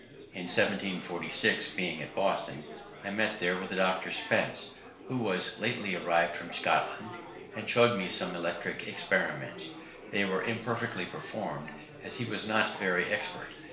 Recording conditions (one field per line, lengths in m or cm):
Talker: one person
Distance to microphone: 1.0 m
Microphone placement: close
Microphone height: 1.1 m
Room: small (3.7 m by 2.7 m)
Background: babble